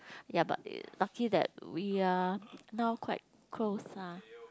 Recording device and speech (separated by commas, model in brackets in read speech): close-talking microphone, conversation in the same room